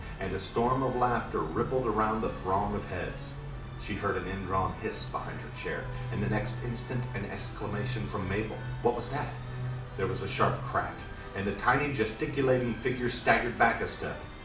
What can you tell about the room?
A moderately sized room (about 5.7 m by 4.0 m).